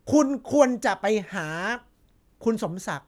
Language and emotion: Thai, angry